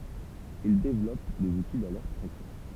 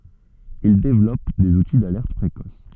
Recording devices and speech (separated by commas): temple vibration pickup, soft in-ear microphone, read sentence